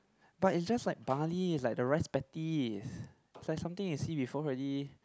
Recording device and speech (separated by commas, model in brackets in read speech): close-talking microphone, conversation in the same room